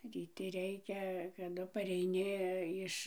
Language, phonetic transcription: Lithuanian, ryˈti ˈreikia kaˈdu pareiˈni ˈiš

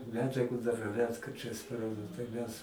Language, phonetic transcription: Lithuanian, ˈmedžiagu dar ˈretkarčiais tai ˈmes

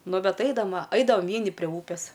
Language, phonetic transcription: Lithuanian, ˈnu ˈbet ˈaidam va ˈaidavam ˈvieni prie ˈūpės

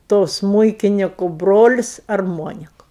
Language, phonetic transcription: Lithuanian, to ˈsmūikiniku ˈbrolis arˈmoniku

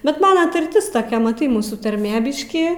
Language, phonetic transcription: Lithuanian, bet ˈmana tarˈtis toˈkia maˈtai ˈmūsų tarˈmė ˈbiškį

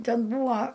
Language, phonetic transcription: Lithuanian, ˈten ˈbūa

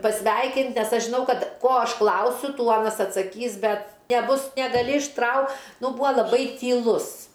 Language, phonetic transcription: Lithuanian, paˈsveikint ˈnes ˈaš žiˈnau ˈkad ˈko ˈaš ˈklausiu ˈtų ˈanas atsakˈys ˈbet neˈbus negaˈli išˈtrau ˈnu ˈbua laˈbai tyˈlus

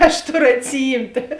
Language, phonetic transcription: Lithuanian, aš ˈtoˌru atsiˈjymtė

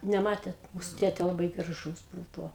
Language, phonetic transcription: Lithuanian, neˈmatėt ˈmūsu ˈtėtė laˈbai graˈžūs ˈbūvo

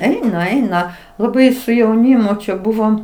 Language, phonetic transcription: Lithuanian, ˈeina ˈeina laˈbai su jauˈnymu čia ˈbuvom

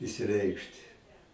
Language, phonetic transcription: Lithuanian, išsiˈreikšti

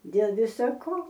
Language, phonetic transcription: Lithuanian, dėl ˈvisa ˈko

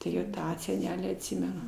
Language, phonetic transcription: Lithuanian, tuˈrėjau ˈtą seˈnelį atˈsimenu

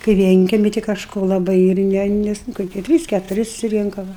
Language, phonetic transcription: Lithuanian, kai ˈvienkemi ti kažˈko laˈbai ir ˈne ˈnes nu koˈkie ˈtrys ketuˈri susiˈrinka ˈva

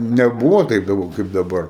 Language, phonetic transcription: Lithuanian, neˈbūvo ˈtaip jau kaip daˈbar

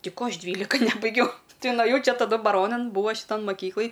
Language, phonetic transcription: Lithuanian, ˈtei ˈko ˈaš ˈdvylika ˈnebaigiau ˈtai nuaˈjau ˈčia taˈdu baˈronan ˈbūva šiˈtan maˈkyklɨj

